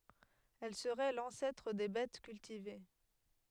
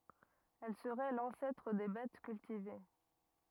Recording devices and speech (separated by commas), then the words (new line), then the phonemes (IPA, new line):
headset microphone, rigid in-ear microphone, read sentence
Elle serait l'ancêtre des bettes cultivées.
ɛl səʁɛ lɑ̃sɛtʁ de bɛt kyltive